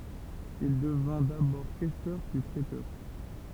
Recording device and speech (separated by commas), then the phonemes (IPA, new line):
temple vibration pickup, read sentence
il dəvɛ̃ dabɔʁ kɛstœʁ pyi pʁetœʁ